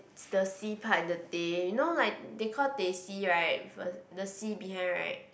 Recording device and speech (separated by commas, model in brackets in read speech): boundary microphone, conversation in the same room